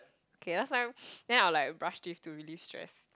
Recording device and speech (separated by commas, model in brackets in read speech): close-talking microphone, conversation in the same room